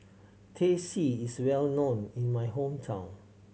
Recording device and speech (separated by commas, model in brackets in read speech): mobile phone (Samsung C7100), read sentence